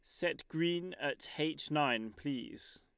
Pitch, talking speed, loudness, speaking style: 150 Hz, 140 wpm, -37 LUFS, Lombard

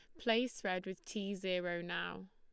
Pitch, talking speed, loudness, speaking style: 185 Hz, 170 wpm, -39 LUFS, Lombard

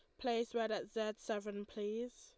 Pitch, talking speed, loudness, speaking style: 225 Hz, 180 wpm, -41 LUFS, Lombard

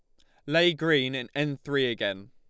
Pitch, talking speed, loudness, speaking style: 140 Hz, 200 wpm, -26 LUFS, Lombard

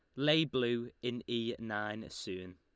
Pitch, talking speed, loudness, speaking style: 120 Hz, 155 wpm, -36 LUFS, Lombard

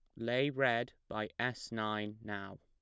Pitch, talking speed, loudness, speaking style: 110 Hz, 150 wpm, -37 LUFS, plain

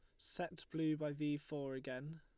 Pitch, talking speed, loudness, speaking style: 150 Hz, 180 wpm, -43 LUFS, Lombard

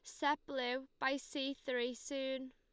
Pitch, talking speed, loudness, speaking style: 265 Hz, 155 wpm, -40 LUFS, Lombard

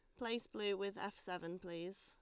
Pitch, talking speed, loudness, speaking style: 200 Hz, 200 wpm, -44 LUFS, Lombard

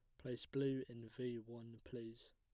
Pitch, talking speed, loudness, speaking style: 120 Hz, 170 wpm, -47 LUFS, plain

